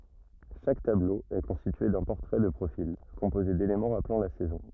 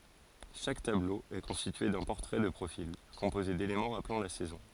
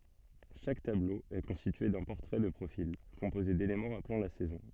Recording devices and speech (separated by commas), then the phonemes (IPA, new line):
rigid in-ear microphone, forehead accelerometer, soft in-ear microphone, read sentence
ʃak tablo ɛ kɔ̃stitye dœ̃ pɔʁtʁɛ də pʁofil kɔ̃poze delemɑ̃ ʁaplɑ̃ la sɛzɔ̃